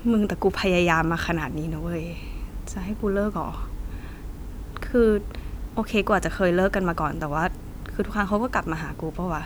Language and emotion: Thai, frustrated